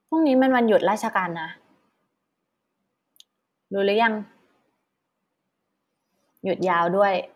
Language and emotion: Thai, frustrated